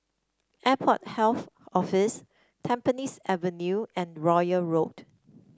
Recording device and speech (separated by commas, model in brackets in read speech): standing microphone (AKG C214), read sentence